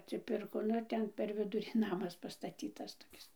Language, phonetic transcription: Lithuanian, atsiˈpirko nu ˈten per ˈvidurį ˈnamas pastaˈtytas toˈkis

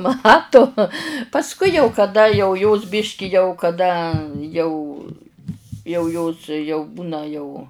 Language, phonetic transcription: Lithuanian, ˈmatu pasˈkui jau kaˈda jau jos ˈbiški jau kaˈda jau jau ˈjos jau ˈbūna jau

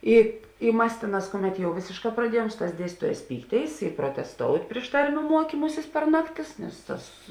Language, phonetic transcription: Lithuanian, ˈi i ˈmas ˈtėˌnās ˈkuˌmet jau ˈvėsėšˌkā praˈdiejuom ˈsu ˌtās ˈdiestytuoˌjās ˈpykˌtėis i protesˈtout' ˈpriš tarˌmių ˈmuokymusis per ˈnakˌtis ˈnes ˈtas

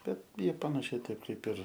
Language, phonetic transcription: Lithuanian, ˈbet ˈjie panaˈšiai ˈtaip ˈkaip ir

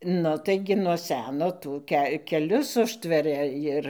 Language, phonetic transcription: Lithuanian, ˈnu taiˈgi nuo ˈseno ˈtų ke keˈlius ˈužtveria ˈjir

